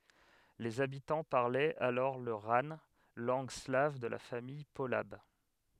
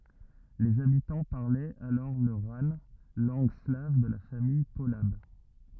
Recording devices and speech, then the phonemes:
headset microphone, rigid in-ear microphone, read sentence
lez abitɑ̃ paʁlɛt alɔʁ lə ʁan lɑ̃ɡ slav də la famij polab

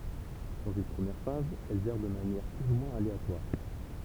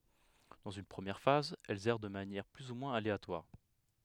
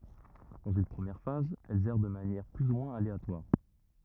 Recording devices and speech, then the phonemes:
temple vibration pickup, headset microphone, rigid in-ear microphone, read sentence
dɑ̃z yn pʁəmjɛʁ faz ɛlz ɛʁ də manjɛʁ ply u mwɛ̃z aleatwaʁ

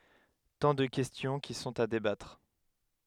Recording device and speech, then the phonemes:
headset microphone, read sentence
tɑ̃ də kɛstjɔ̃ ki sɔ̃t a debatʁ

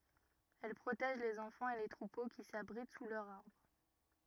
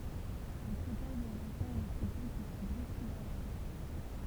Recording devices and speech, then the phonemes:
rigid in-ear microphone, temple vibration pickup, read sentence
ɛl pʁotɛʒ lez ɑ̃fɑ̃z e le tʁupo ki sabʁit su lœʁz aʁbʁ

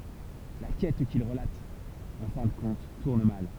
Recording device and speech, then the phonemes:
temple vibration pickup, read sentence
la kɛt kil ʁəlat ɑ̃ fɛ̃ də kɔ̃t tuʁn mal

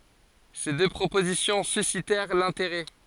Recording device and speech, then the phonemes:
forehead accelerometer, read sentence
se dø pʁopozisjɔ̃ sysitɛʁ lɛ̃teʁɛ

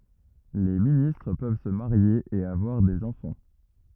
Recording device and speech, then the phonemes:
rigid in-ear microphone, read sentence
le ministʁ pøv sə maʁje e avwaʁ dez ɑ̃fɑ̃

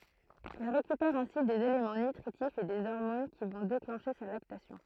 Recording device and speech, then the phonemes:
throat microphone, read sentence
ɛl ʁekypɛʁ ɛ̃si dez elemɑ̃ nytʁitifz e de ɔʁmon ki vɔ̃ deklɑ̃ʃe sa laktasjɔ̃

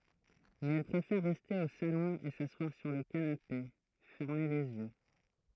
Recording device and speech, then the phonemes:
throat microphone, read sentence
mɛz ɛl pʁefɛʁ ʁɛste o salɔ̃ e saswaʁ syʁ lə kanape fɛʁme lez jø

